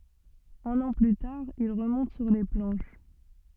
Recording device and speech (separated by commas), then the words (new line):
soft in-ear microphone, read sentence
Un an plus tard, il remonte sur les planches.